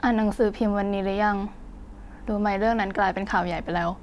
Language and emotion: Thai, frustrated